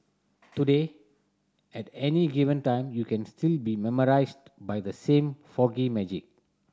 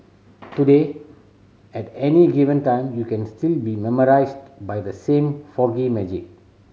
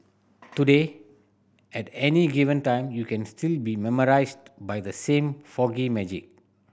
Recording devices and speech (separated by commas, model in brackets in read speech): standing microphone (AKG C214), mobile phone (Samsung C7100), boundary microphone (BM630), read sentence